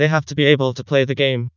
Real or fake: fake